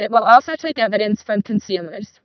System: VC, vocoder